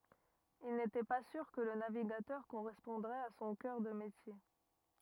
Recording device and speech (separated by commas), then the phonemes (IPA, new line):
rigid in-ear microphone, read sentence
il netɛ pa syʁ kə lə naviɡatœʁ koʁɛspɔ̃dʁɛt a sɔ̃ kœʁ də metje